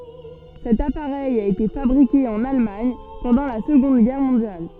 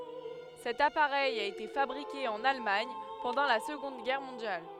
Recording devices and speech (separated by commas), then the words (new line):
soft in-ear microphone, headset microphone, read sentence
Cet appareil a été fabriqué en Allemagne pendant la Seconde Guerre mondiale.